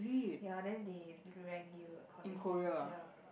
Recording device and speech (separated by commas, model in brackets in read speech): boundary microphone, conversation in the same room